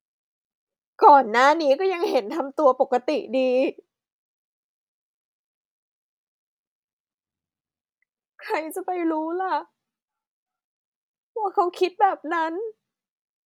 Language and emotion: Thai, sad